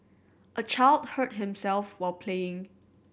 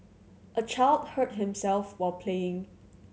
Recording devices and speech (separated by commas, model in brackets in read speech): boundary microphone (BM630), mobile phone (Samsung C7100), read sentence